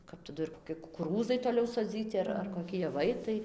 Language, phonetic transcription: Lithuanian, kap taˈdu ir koˈki kukuˈrūzai toˈliau soˈdzyti ar ar koˈki jaˈvai ˈtai

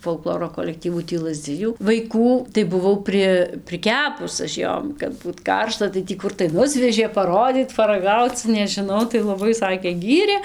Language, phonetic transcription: Lithuanian, folˈkloro kolekˈtyvu tį ˈlazˈdzijų vaiˈkų tai buˈvau ˈpri priˈkepus aš ˈjom kad ˈbūt ˈkaršta tai ˈtį ˈkur tai ˈnusvežė paˈrodyt paraˈgauc nežiˈnau tai laˈbai ˈsakė ˈgyrė

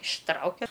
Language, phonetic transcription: Lithuanian, išˈtraukia

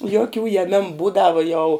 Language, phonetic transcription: Lithuanian, joˈkių jaˈmemu ˈbūdavu jau

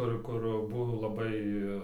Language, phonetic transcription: Lithuanian, ˈkur ˈkur ˈbuvo laˈbai

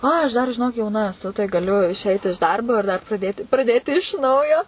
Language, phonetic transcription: Lithuanian, ˈai aš ˈdar žiˈnok jauˈna eˈsu tai gaˈliu išˈeit iš ˈdarbo ir dar praˈdėti praˈdėti iš ˈnaujo

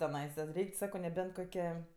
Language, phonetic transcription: Lithuanian, teˈnaisa ˈreik' ˈsako neˈbent ˈkoke

